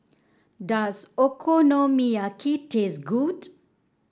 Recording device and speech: standing microphone (AKG C214), read sentence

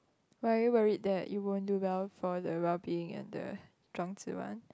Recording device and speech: close-talking microphone, conversation in the same room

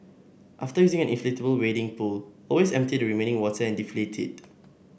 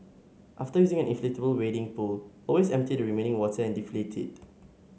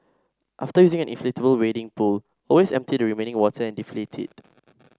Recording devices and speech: boundary microphone (BM630), mobile phone (Samsung S8), standing microphone (AKG C214), read sentence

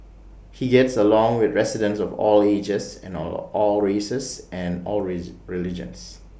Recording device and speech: boundary microphone (BM630), read sentence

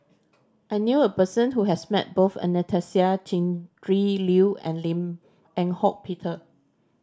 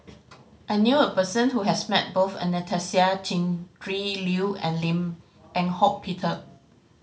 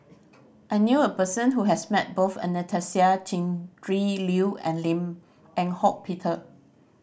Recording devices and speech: standing microphone (AKG C214), mobile phone (Samsung C5010), boundary microphone (BM630), read sentence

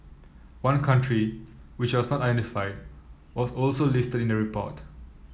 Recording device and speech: mobile phone (iPhone 7), read sentence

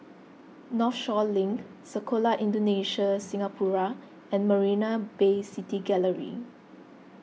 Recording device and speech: mobile phone (iPhone 6), read sentence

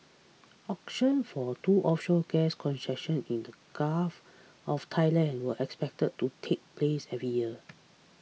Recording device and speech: mobile phone (iPhone 6), read sentence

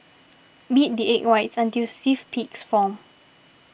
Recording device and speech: boundary microphone (BM630), read sentence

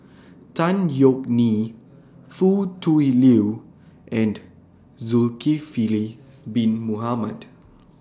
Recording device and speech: standing microphone (AKG C214), read sentence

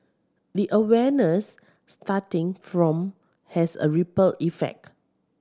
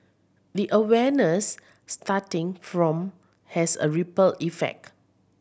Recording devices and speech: standing microphone (AKG C214), boundary microphone (BM630), read sentence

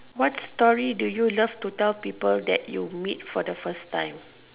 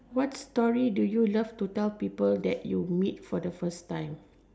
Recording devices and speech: telephone, standing microphone, conversation in separate rooms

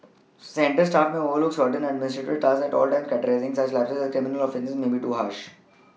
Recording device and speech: mobile phone (iPhone 6), read sentence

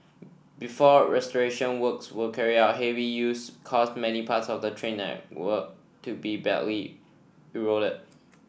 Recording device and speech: boundary microphone (BM630), read sentence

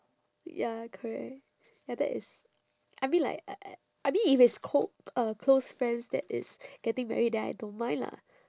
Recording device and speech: standing microphone, conversation in separate rooms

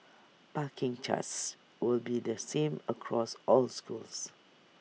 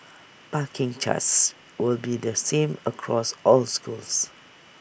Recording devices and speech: mobile phone (iPhone 6), boundary microphone (BM630), read sentence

